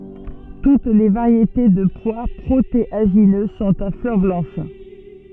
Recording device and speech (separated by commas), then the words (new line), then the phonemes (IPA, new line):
soft in-ear microphone, read sentence
Toutes les variétés de pois protéagineux sont à fleurs blanches.
tut le vaʁjete də pwa pʁoteaʒinø sɔ̃t a flœʁ blɑ̃ʃ